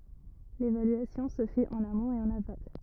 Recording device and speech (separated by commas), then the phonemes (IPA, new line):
rigid in-ear microphone, read sentence
levalyasjɔ̃ sə fɛt ɑ̃n amɔ̃t e ɑ̃n aval